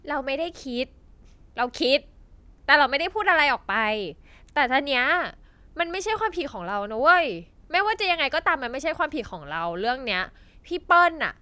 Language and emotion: Thai, frustrated